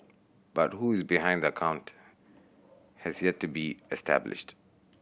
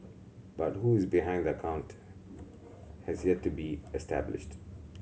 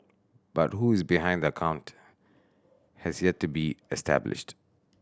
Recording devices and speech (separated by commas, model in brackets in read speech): boundary microphone (BM630), mobile phone (Samsung C7100), standing microphone (AKG C214), read sentence